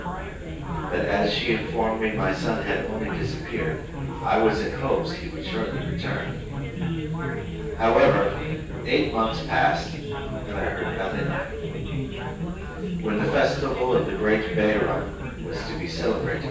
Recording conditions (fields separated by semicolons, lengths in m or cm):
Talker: one person; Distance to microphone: 9.8 m; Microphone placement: far; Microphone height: 1.8 m; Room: large; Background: babble